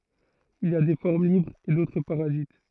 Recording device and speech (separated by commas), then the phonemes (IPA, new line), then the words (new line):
throat microphone, read sentence
il i a de fɔʁm libʁz e dotʁ paʁazit
Il y a des formes libres et d'autres parasites.